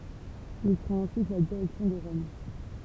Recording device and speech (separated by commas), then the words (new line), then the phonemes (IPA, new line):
temple vibration pickup, read sentence
Il prend ensuite la direction de Rome.
il pʁɑ̃t ɑ̃syit la diʁɛksjɔ̃ də ʁɔm